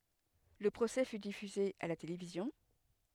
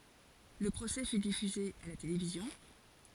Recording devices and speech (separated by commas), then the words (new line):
headset microphone, forehead accelerometer, read sentence
Le procès fut diffusé à la télévision.